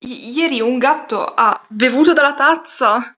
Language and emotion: Italian, disgusted